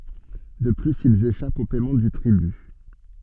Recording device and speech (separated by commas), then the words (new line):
soft in-ear microphone, read sentence
De plus, ils échappent au paiement du tribut.